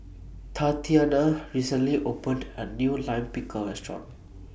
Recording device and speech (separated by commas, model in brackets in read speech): boundary microphone (BM630), read sentence